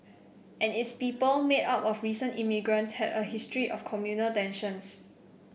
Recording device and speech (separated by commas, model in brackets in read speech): boundary microphone (BM630), read sentence